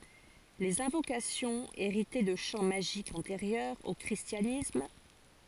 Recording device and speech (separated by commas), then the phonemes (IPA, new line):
forehead accelerometer, read sentence
lez ɛ̃vokasjɔ̃z eʁitɛ də ʃɑ̃ maʒikz ɑ̃teʁjœʁz o kʁistjanism